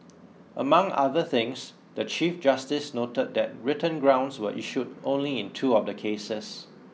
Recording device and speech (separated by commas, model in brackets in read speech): mobile phone (iPhone 6), read sentence